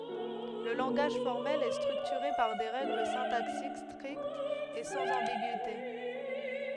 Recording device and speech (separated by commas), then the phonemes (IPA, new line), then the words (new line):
headset microphone, read sentence
lə lɑ̃ɡaʒ fɔʁmɛl ɛ stʁyktyʁe paʁ de ʁɛɡl sɛ̃taksik stʁiktz e sɑ̃z ɑ̃biɡyite
Le langage formel est structuré par des règles syntaxiques strictes et sans ambigüité.